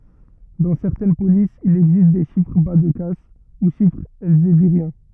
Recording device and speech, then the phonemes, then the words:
rigid in-ear microphone, read sentence
dɑ̃ sɛʁtɛn polisz il ɛɡzist de ʃifʁ ba də kas u ʃifʁz ɛlzeviʁjɛ̃
Dans certaines polices, il existe des chiffres bas-de-casse, ou chiffres elzéviriens.

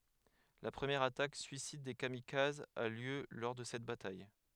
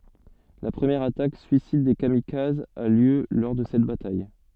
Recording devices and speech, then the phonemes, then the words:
headset microphone, soft in-ear microphone, read sentence
la pʁəmjɛʁ atak syisid de kamikazz a ljø lɔʁ də sɛt bataj
La première attaque suicide des kamikazes a lieu lors de cette bataille.

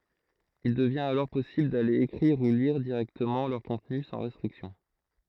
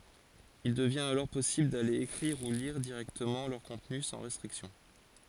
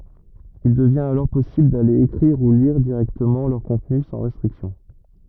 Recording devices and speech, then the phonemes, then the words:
throat microphone, forehead accelerometer, rigid in-ear microphone, read sentence
il dəvjɛ̃t alɔʁ pɔsibl dale ekʁiʁ u liʁ diʁɛktəmɑ̃ lœʁ kɔ̃tny sɑ̃ ʁɛstʁiksjɔ̃
Il devient alors possible d'aller écrire ou lire directement leur contenu sans restrictions.

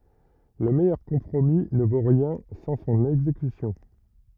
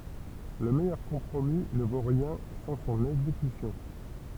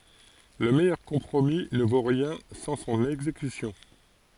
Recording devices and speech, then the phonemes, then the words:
rigid in-ear microphone, temple vibration pickup, forehead accelerometer, read sentence
lə mɛjœʁ kɔ̃pʁomi nə vo ʁjɛ̃ sɑ̃ sɔ̃n ɛɡzekysjɔ̃
Le meilleur compromis ne vaut rien sans son exécution.

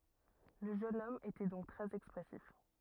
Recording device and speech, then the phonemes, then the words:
rigid in-ear microphone, read sentence
lə ʒøn ɔm etɛ dɔ̃k tʁɛz ɛkspʁɛsif
Le jeune homme était donc très expressif.

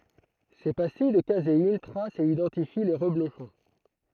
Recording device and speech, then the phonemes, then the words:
throat microphone, read sentence
se pastij də kazein tʁast e idɑ̃tifi le ʁəbloʃɔ̃
Ces pastilles de caséine tracent et identifient les reblochons.

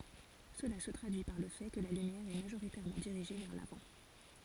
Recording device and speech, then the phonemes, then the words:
forehead accelerometer, read sentence
səla sə tʁadyi paʁ lə fɛ kə la lymjɛʁ ɛ maʒoʁitɛʁmɑ̃ diʁiʒe vɛʁ lavɑ̃
Cela se traduit par le fait que la lumière est majoritairement dirigée vers l'avant.

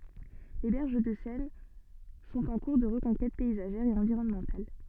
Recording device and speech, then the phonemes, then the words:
soft in-ear microphone, read sentence
le bɛʁʒ də sɛn sɔ̃t ɑ̃ kuʁ də ʁəkɔ̃kɛt pɛizaʒɛʁ e ɑ̃viʁɔnmɑ̃tal
Les berges de Seine sont en cours de reconquête paysagère et environnementale.

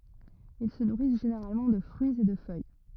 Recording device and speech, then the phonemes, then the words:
rigid in-ear microphone, read sentence
il sə nuʁis ʒeneʁalmɑ̃ də fʁyiz e də fœj
Ils se nourrissent généralement de fruits et de feuilles.

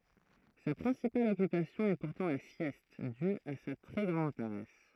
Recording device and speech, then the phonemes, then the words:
throat microphone, read sentence
sa pʁɛ̃sipal ɔkypasjɔ̃ ɛ puʁtɑ̃ la sjɛst dy a sa tʁɛ ɡʁɑ̃d paʁɛs
Sa principale occupation est pourtant la sieste, due à sa très grande paresse.

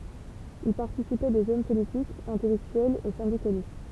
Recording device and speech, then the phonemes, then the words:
temple vibration pickup, read sentence
i paʁtisipɛ dez ɔm politikz ɛ̃tɛlɛktyɛlz e sɛ̃dikalist
Y participaient des hommes politiques, intellectuels et syndicalistes.

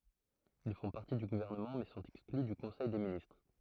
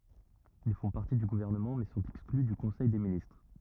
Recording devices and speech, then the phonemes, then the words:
throat microphone, rigid in-ear microphone, read sentence
il fɔ̃ paʁti dy ɡuvɛʁnəmɑ̃ mɛ sɔ̃t ɛkskly dy kɔ̃sɛj de ministʁ
Ils font partie du gouvernement mais sont exclus du Conseil des ministres.

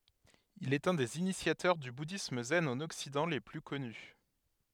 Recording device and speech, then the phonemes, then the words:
headset microphone, read sentence
il ɛt œ̃ dez inisjatœʁ dy budism zɛn ɑ̃n ɔksidɑ̃ le ply kɔny
Il est un des initiateurs du bouddhisme zen en Occident les plus connus.

